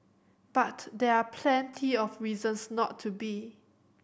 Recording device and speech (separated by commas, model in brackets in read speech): boundary microphone (BM630), read sentence